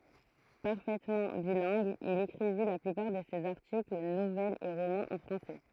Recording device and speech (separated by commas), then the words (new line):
throat microphone, read sentence
Parfaitement bilingue, il écrivit la plupart de ses articles, nouvelles et romans en français.